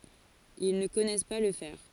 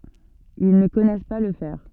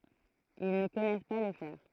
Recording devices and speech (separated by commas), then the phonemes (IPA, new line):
forehead accelerometer, soft in-ear microphone, throat microphone, read sentence
il nə kɔnɛs pa lə fɛʁ